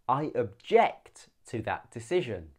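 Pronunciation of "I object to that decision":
'Object' is pronounced as the verb, not the noun: the voice goes up and the second syllable, 'ject', is emphasized more.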